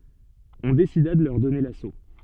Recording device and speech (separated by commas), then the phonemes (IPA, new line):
soft in-ear microphone, read sentence
ɔ̃ desida də lœʁ dɔne laso